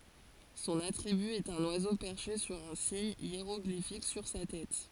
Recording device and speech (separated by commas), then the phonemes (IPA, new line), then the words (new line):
forehead accelerometer, read sentence
sɔ̃n atʁiby ɛt œ̃n wazo pɛʁʃe syʁ œ̃ siɲ jeʁɔɡlifik syʁ sa tɛt
Son attribut est un oiseau perché sur un signe hiéroglyphique sur sa tête.